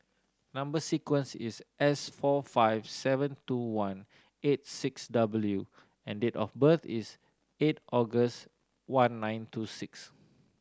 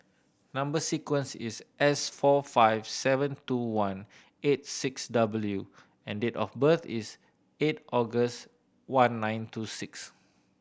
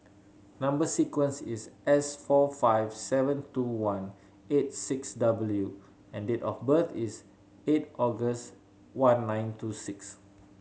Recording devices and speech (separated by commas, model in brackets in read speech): standing microphone (AKG C214), boundary microphone (BM630), mobile phone (Samsung C7100), read sentence